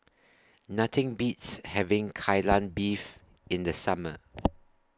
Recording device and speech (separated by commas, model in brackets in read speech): standing microphone (AKG C214), read sentence